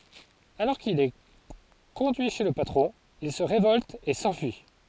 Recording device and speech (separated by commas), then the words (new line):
forehead accelerometer, read sentence
Alors qu'il est conduit chez le patron, il se révolte et s'enfuit.